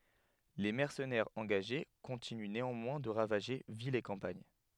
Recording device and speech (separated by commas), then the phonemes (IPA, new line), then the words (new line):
headset microphone, read sentence
le mɛʁsənɛʁz ɑ̃ɡaʒe kɔ̃tiny neɑ̃mwɛ̃ də ʁavaʒe vilz e kɑ̃paɲ
Les mercenaires engagés continuent néanmoins de ravager villes et campagne.